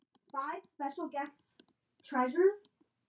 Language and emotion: English, angry